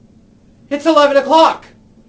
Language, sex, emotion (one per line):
English
male
fearful